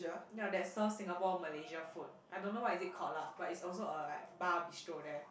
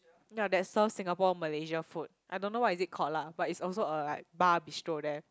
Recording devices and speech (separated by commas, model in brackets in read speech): boundary microphone, close-talking microphone, conversation in the same room